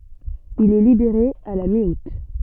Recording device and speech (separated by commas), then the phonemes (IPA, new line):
soft in-ear microphone, read sentence
il ɛ libeʁe a la mi ut